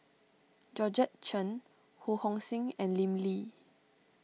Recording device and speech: mobile phone (iPhone 6), read sentence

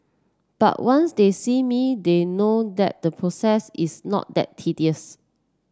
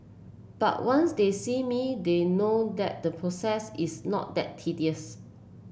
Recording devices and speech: standing microphone (AKG C214), boundary microphone (BM630), read sentence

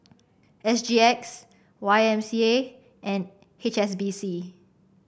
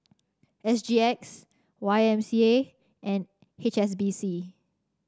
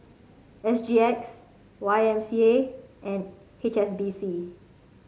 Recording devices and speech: boundary microphone (BM630), standing microphone (AKG C214), mobile phone (Samsung C5), read sentence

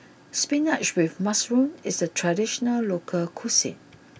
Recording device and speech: boundary microphone (BM630), read sentence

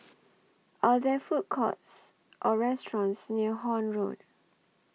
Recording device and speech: mobile phone (iPhone 6), read sentence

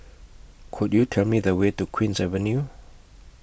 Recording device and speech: boundary microphone (BM630), read sentence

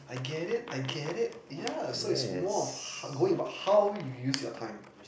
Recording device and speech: boundary microphone, conversation in the same room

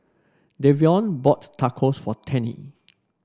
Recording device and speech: standing microphone (AKG C214), read sentence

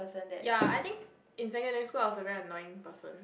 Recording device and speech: boundary microphone, conversation in the same room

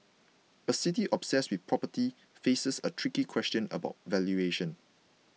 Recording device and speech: mobile phone (iPhone 6), read sentence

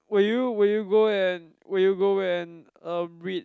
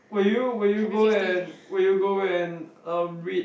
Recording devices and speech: close-talking microphone, boundary microphone, conversation in the same room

